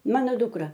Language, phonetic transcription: Lithuanian, ˈmano ˈdukra

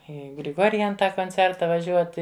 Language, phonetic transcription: Lithuanian, ˈį griˈgorjan ˈtą konˈcerta vaˈžiuoti

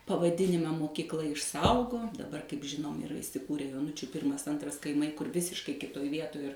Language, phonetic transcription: Lithuanian, pavaˈdinimą mokykˈla išˈsaugom daˈbar kaip ˈžinom iˈra isiˈkūre joˈnučiu ˈpirmas ˈantras kaiˈmai kur ˈvisiškai ˈkitoj ˈvietoj ir

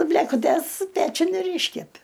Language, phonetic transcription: Lithuanian, blėkuˈtės ˈpečiun ir ˈyškepi

